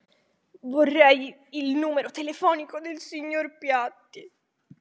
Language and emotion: Italian, sad